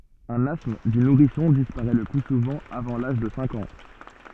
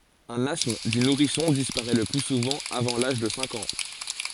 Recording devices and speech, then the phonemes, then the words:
soft in-ear microphone, forehead accelerometer, read sentence
œ̃n astm dy nuʁisɔ̃ dispaʁɛ lə ply suvɑ̃ avɑ̃ laʒ də sɛ̃k ɑ̃
Un asthme du nourrisson disparaît le plus souvent avant l'âge de cinq ans.

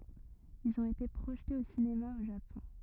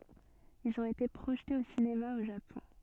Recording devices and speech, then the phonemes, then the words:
rigid in-ear microphone, soft in-ear microphone, read sentence
ilz ɔ̃t ete pʁoʒtez o sinema o ʒapɔ̃
Ils ont été projetés au cinéma au Japon.

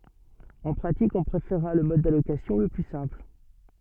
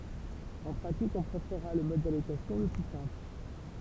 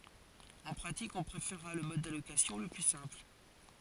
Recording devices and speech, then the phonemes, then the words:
soft in-ear microphone, temple vibration pickup, forehead accelerometer, read sentence
ɑ̃ pʁatik ɔ̃ pʁefeʁʁa lə mɔd dalokasjɔ̃ lə ply sɛ̃pl
En pratique, on préférera le mode d'allocation le plus simple.

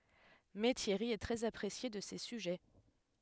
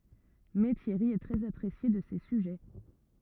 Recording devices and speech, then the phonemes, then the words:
headset microphone, rigid in-ear microphone, read sentence
mɛ tjɛʁi ɛ tʁɛz apʁesje də se syʒɛ
Mais Thierry est très apprécié de ses sujets.

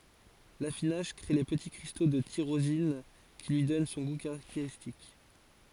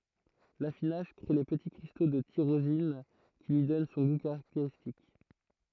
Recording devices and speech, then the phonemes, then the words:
forehead accelerometer, throat microphone, read sentence
lafinaʒ kʁe le pəti kʁisto də tiʁozin ki lyi dɔn sɔ̃ ɡu kaʁakteʁistik
L'affinage crée les petits cristaux de tyrosine qui lui donnent son goût caractéristique.

